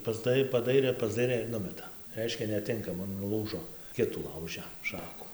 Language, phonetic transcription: Lithuanian, pasˈdai paˈdairė pasˈdairė ir ˈnumeta ˈreiškia neˈtinkama nuˈlūžo ˈkitų ˈlaužia ˈšaku

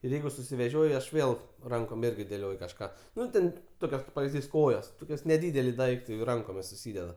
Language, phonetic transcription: Lithuanian, ir ˈjeigu susiveˈžioj aš ˈvėl ˈrankom ˈirgi dėˈlioj kažˈką ˈnu ten ˈtokios kaip pavizˈdys ˈkojos ˈtokios neˈdydeli ˈdaiktai jau ˈrankomis suˈsydeda

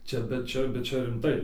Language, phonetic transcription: Lithuanian, ˈčia bet ˈčia bet ˈčia rimˈtai

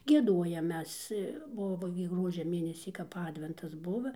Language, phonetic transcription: Lithuanian, gieˈduojam ˈmes ˈbuvo gi ˈgruodžia ˈmėnesį kap ˈadventas ˈbuva

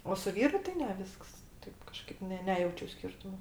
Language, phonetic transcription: Lithuanian, o su ˈvyru tai ˈne ˈvisks ˈtaip kaˈžkaip ne ˈnejaučiu ˈskirtumo

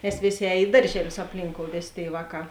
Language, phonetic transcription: Lithuanian, nes ˈvėˌsė ˈēj ˈi daržeˌlius apˈlynkou ˈvėˌsė ˈtėi ˈvāˌkā

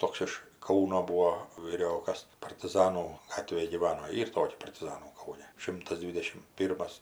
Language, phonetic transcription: Lithuanian, ˈtoks iš ˈkauno ˈbūo vyˈriokas partiˈzanų ˈgatvėj gyˈvano ˈyr ˈtokia partiˈzanų ˈkaune ˈšimtas ˈdvidešim ˈpyrmas

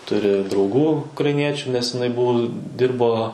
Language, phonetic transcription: Lithuanian, ˈturi drauˈgų ukraiˈniečiu nes iˈnai ˈbuvu ˈdirbo

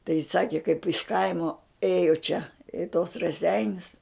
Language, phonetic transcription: Lithuanian, tai jis ˈsaki kaip iš ˈkaimo ˈėjo čia i tos raˈseinius

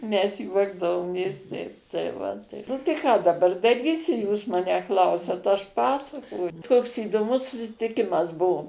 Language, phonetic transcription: Lithuanian, mes ˈjuokdavomės ˈteip tai ˈva tai ˈnu tai ˈką daˈbar daˈrysi ˈjūs ˈmanę ˈklausiat ˈaš ˈpasakoj ˈkoks įdoˈmus susitiˈkimas ˈbuvo

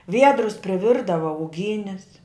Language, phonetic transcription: Lithuanian, ˈviedrus priˈvirdava uˈgynis

